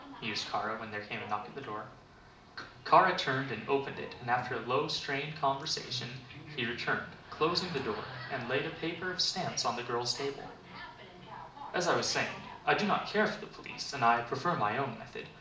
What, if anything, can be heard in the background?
A television.